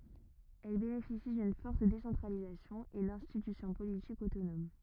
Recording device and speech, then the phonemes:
rigid in-ear microphone, read sentence
ɛl benefisi dyn fɔʁt desɑ̃tʁalizasjɔ̃ e dɛ̃stitysjɔ̃ politikz otonom

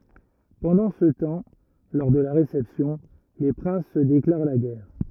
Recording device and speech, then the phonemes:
rigid in-ear microphone, read sentence
pɑ̃dɑ̃ sə tɑ̃ lɔʁ də la ʁesɛpsjɔ̃ le pʁɛ̃s sə deklaʁ la ɡɛʁ

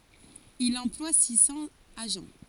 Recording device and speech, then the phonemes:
forehead accelerometer, read sentence
il ɑ̃plwa si sɑ̃z aʒɑ̃

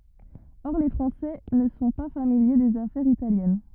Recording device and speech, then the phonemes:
rigid in-ear microphone, read sentence
ɔʁ le fʁɑ̃sɛ nə sɔ̃ pa familje dez afɛʁz italjɛn

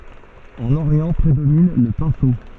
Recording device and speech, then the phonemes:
soft in-ear microphone, read sentence
ɑ̃n oʁjɑ̃ pʁedomin lə pɛ̃so

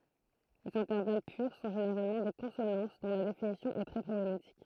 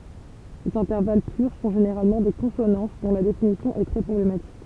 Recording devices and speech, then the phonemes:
throat microphone, temple vibration pickup, read sentence
lez ɛ̃tɛʁval pyʁ sɔ̃ ʒeneʁalmɑ̃ de kɔ̃sonɑ̃s dɔ̃ la definisjɔ̃ ɛ tʁɛ pʁɔblematik

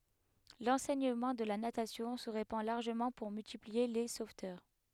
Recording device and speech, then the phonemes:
headset microphone, read sentence
lɑ̃sɛɲəmɑ̃ də la natasjɔ̃ sə ʁepɑ̃ laʁʒəmɑ̃ puʁ myltiplie le sovtœʁ

